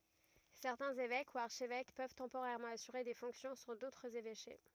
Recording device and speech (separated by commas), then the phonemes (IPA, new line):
rigid in-ear microphone, read sentence
sɛʁtɛ̃z evɛk u aʁʃvɛk pøv tɑ̃poʁɛʁmɑ̃ asyʁe de fɔ̃ksjɔ̃ syʁ dotʁz evɛʃe